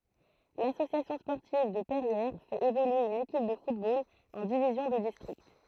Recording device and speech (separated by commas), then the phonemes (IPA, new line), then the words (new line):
throat microphone, read sentence
lasosjasjɔ̃ spɔʁtiv də pɛʁjɛʁ fɛt evolye yn ekip də futbol ɑ̃ divizjɔ̃ də distʁikt
L'Association sportive de Perrières fait évoluer une équipe de football en division de district.